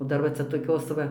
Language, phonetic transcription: Lithuanian, o ˈdar va ˈcia toˈkios va

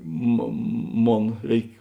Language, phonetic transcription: Lithuanian, mo ˈmon ˈreik

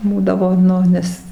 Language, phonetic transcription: Lithuanian, ˈbūdavo ˈnu ˈnes

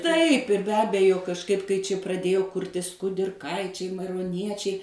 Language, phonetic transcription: Lithuanian, taip ir be ˈabejo kažˈkaip kai ˈči praˈdėjo ˈkurtis kudirˈkaičiai mairoˈniečiai

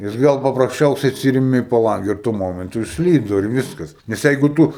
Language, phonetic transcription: Lithuanian, jis ˈgal paprasˈčiausiai atˈsyrimi i paˈlange ir tuo ˈmomentu išsˈlydu ir ˈvyskas nes ˈjeigu ˈtū

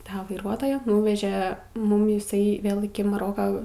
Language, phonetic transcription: Lithuanian, ˈtą vaiˈruotoją ˈnūveže ˈmum iˈsai ˈvėl iki maˈroka

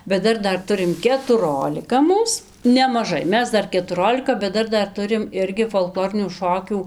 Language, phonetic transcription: Lithuanian, bet ˈdar ˈdar ˈturim ketuˈrolika ˈmūs nemaˈžai ˈmes ˈdar ketuˈrolika bet ˈdar ˈdar ˈturim ˈirgi folˈklorinių ˈšokių

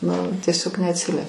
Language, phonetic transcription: Lithuanian, nu tieˈsiog neatˈsilie

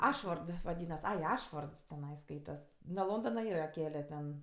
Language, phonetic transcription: Lithuanian, ˈašford vaˈdynas ˈai ˈašfords teˈnai ˈskaitas nuo ˈlondona ˈyra ˈkele ten

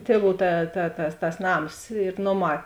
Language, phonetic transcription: Lithuanian, ˈtieˌvų ˈta ta tas tas ˈnams ir ˈnoˌmā

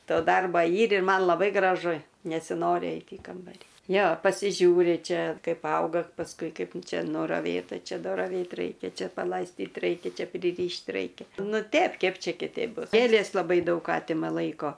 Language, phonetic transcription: Lithuanian, ˈto ˈdarba ˈyr ir ˈman laˈbai graˈžu nesiˈnori ˈeit' į ˈkambarį ˈjo pasiˈžiūri ˈčia ˈkaip ˈauga pasˈkui ˈkaip ˈčia nuraˈvėta ˈčia nuraˈvėt ˈraikia ˈčia palaisˈtyt ˈraikia ˈčia priˈryšt' ˈraikia ˈnu ˈtep ˈkep ˈčia kiˈteip ˈbus ˈgėlės laˈbai ˈdaug ˈatima ˈlaiko

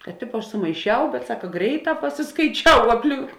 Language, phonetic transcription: Lithuanian, kad ˈtipo ˈaš sumaiˈšiau bet ˈsaka ˈgreiˌtā pasiskaiˈčiau apˈlink

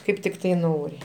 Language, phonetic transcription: Lithuanian, ˈkaip tikˈtai ˈnori

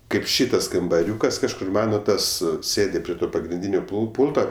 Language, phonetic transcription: Lithuanian, ˈkaip ˈšytas kambaˈriūkas kažˈkur ˈmano ˈtas ˈsėdi prie ˈto pagrinˈdynio pul ˈpūlto

